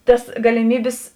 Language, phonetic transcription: Lithuanian, ˈtas galiˈmybis

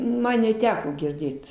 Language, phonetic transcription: Lithuanian, ˈman neˈteko girˈdėt

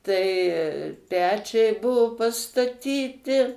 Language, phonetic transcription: Lithuanian, tai ˈpečiai ˈbuo pastaˈtyti

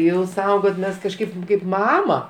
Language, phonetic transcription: Lithuanian, ˈjau ˈsaugot ˈmes kažˈkaip kaip ˈmama

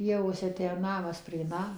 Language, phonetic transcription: Lithuanian, ˈpievose ˈtę ˈnamas prie ˈnamo

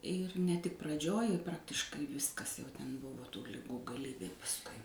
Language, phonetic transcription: Lithuanian, ir ne tik praˈdžioj i ˈpraktiškai ˈviskas jau ˈten ˈbuvo tų liˈgų gaˈlybė pasˈkui

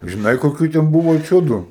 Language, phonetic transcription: Lithuanian, žiˈnai koˈkių ten ˈbuvo ˈčiūdu

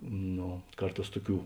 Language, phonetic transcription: Lithuanian, ˈno ˈkarˌtās ˈtuˌkių

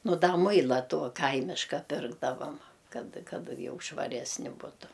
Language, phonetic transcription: Lithuanian, ˈnu ˈda ˈmuila ˈto ˈkaimiška ˈpirkdavam ˈkad ˈkad ˈjau švaˈresni ˈbutu

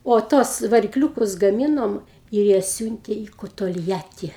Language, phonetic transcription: Lithuanian, o ˈtuos varikˈliūkus gaˈmynom ir ˈjie ˈsiūntė į ˈku tolˈjati

